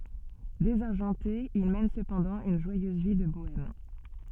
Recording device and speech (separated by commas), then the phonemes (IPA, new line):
soft in-ear microphone, read sentence
dezaʁʒɑ̃te il mɛn səpɑ̃dɑ̃ yn ʒwajøz vi də boɛm